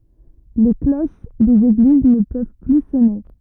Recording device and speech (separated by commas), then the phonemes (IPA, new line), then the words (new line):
rigid in-ear microphone, read sentence
le kloʃ dez eɡliz nə pøv ply sɔne
Les cloches des églises ne peuvent plus sonner.